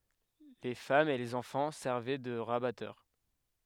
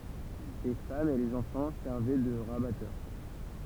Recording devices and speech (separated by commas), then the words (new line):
headset microphone, temple vibration pickup, read sentence
Les femmes et les enfants servaient de rabatteurs.